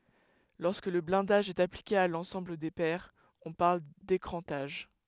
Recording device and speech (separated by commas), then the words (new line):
headset microphone, read sentence
Lorsque le blindage est appliqué à l’ensemble des paires, on parle d’écrantage.